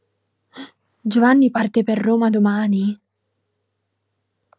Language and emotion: Italian, surprised